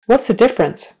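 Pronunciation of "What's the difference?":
'What's the difference?' is said in a natural manner and at natural speed, not slowly.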